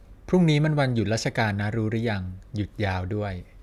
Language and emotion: Thai, neutral